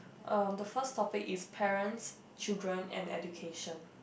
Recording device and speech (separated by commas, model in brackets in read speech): boundary microphone, conversation in the same room